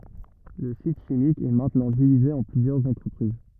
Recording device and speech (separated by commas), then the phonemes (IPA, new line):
rigid in-ear microphone, read sentence
lə sit ʃimik ɛ mɛ̃tnɑ̃ divize ɑ̃ plyzjœʁz ɑ̃tʁəpʁiz